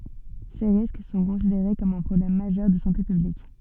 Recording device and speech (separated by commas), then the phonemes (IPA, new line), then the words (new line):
soft in-ear microphone, read sentence
se ʁisk sɔ̃ kɔ̃sideʁe kɔm œ̃ pʁɔblɛm maʒœʁ də sɑ̃te pyblik
Ces risques sont considérés comme un problème majeur de santé publique.